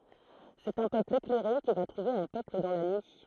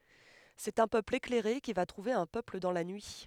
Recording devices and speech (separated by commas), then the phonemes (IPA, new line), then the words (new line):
throat microphone, headset microphone, read sentence
sɛt œ̃ pøpl eklɛʁe ki va tʁuve œ̃ pøpl dɑ̃ la nyi
C’est un peuple éclairé qui va trouver un peuple dans la nuit.